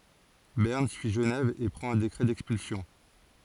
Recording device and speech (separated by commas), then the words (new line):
forehead accelerometer, read sentence
Berne suit Genève et prend un décret d'expulsion.